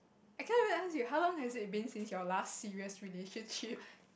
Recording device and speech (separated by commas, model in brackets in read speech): boundary microphone, conversation in the same room